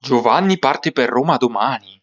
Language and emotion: Italian, surprised